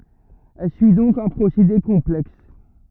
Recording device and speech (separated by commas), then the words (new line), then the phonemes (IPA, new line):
rigid in-ear microphone, read sentence
Elle suit donc un procédé complexe.
ɛl syi dɔ̃k œ̃ pʁosede kɔ̃plɛks